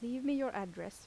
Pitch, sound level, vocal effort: 250 Hz, 83 dB SPL, soft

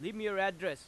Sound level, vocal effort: 98 dB SPL, very loud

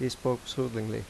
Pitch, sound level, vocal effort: 125 Hz, 82 dB SPL, normal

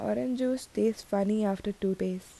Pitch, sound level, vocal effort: 205 Hz, 78 dB SPL, soft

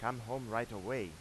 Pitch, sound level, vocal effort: 120 Hz, 92 dB SPL, loud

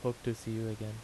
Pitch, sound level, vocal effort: 115 Hz, 80 dB SPL, soft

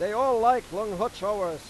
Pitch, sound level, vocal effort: 210 Hz, 103 dB SPL, very loud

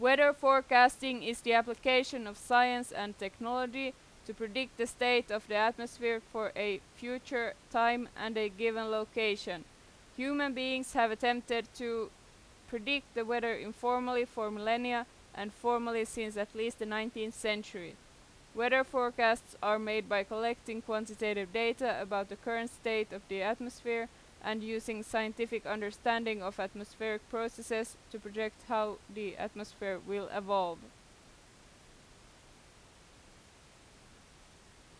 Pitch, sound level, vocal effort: 230 Hz, 90 dB SPL, very loud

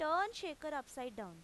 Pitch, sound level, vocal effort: 295 Hz, 93 dB SPL, very loud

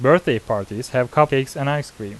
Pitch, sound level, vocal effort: 135 Hz, 86 dB SPL, normal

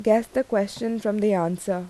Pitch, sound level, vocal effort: 210 Hz, 82 dB SPL, normal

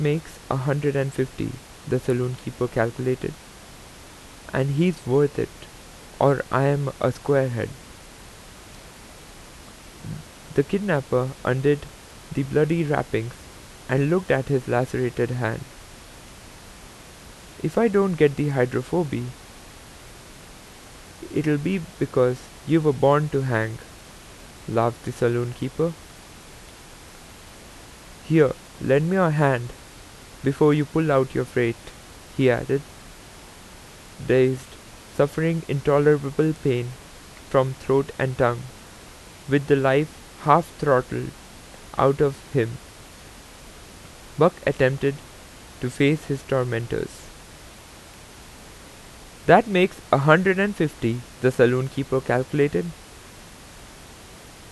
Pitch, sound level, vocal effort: 130 Hz, 84 dB SPL, normal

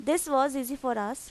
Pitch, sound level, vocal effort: 270 Hz, 88 dB SPL, normal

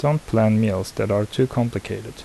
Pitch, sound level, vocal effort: 110 Hz, 76 dB SPL, soft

